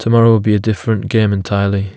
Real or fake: real